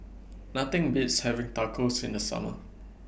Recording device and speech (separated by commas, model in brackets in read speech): boundary microphone (BM630), read sentence